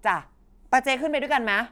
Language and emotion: Thai, neutral